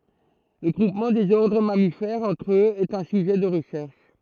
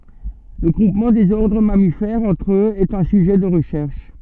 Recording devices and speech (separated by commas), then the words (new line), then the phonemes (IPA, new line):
throat microphone, soft in-ear microphone, read sentence
Le groupement des ordres mammifères entre eux est un sujet de recherche.
lə ɡʁupmɑ̃ dez ɔʁdʁ mamifɛʁz ɑ̃tʁ øz ɛt œ̃ syʒɛ də ʁəʃɛʁʃ